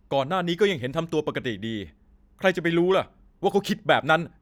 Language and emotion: Thai, angry